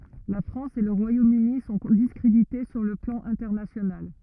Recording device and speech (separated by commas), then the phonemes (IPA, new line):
rigid in-ear microphone, read sentence
la fʁɑ̃s e lə ʁwajomøni sɔ̃ diskʁedite syʁ lə plɑ̃ ɛ̃tɛʁnasjonal